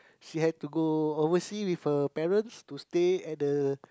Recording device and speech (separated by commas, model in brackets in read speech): close-talking microphone, conversation in the same room